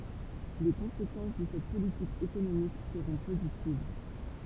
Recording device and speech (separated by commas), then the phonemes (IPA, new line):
temple vibration pickup, read sentence
le kɔ̃sekɑ̃s də sɛt politik ekonomik səʁɔ̃ pozitiv